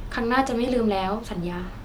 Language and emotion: Thai, neutral